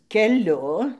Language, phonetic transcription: Lithuanian, keˈliu

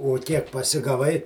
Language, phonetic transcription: Lithuanian, o ˈkiek pasigaˈvai

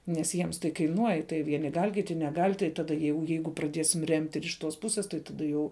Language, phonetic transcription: Lithuanian, nes ˈjiems tai kaiˈnuoj tai ˈvieni gal' ˈkiti neˈgal' tai ˈtada jau ˈjeigu praˈdiesim remt' ir iš ˈtos ˈpusės tai ˈtada jau

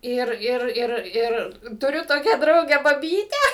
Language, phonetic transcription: Lithuanian, ˈir ˈir ˈir ˈir tuˈriu ˈtokią ˈdraugę baˈbytę

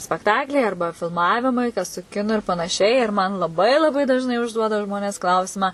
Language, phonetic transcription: Lithuanian, spekˈtakliai ˈarba filˈmavimai kas su ˈkinu ir panaˈšiai ir man laˈbai laˈbai dažˈnai užˈduoda ˈžmonės ˈklausimą

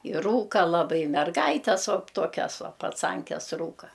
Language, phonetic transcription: Lithuanian, i ˈrūka laˈbai merˈgaites vo ˈtokias ˈvo paˈcankes ˈrūka

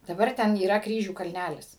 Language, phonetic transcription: Lithuanian, daˈbar ˈten yˈra ˈkryžių kalˈnælis

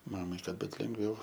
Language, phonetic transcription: Lithuanian, ˈmamai ˈkad ˈbut lengˈviau

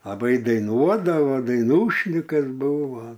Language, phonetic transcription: Lithuanian, laˈbai daiˈnuodavo daiˈnūšnikas ˈbuvo

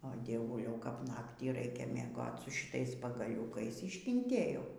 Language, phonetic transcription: Lithuanian, o dieˈvuliau kap ˈnaktį ˈraikia mieˈgot su šiˈtais pagaˈliūkais iškinˈtėjau

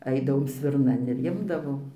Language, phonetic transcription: Lithuanian, ˈaidavom svirˈnan ir ˈimdavom

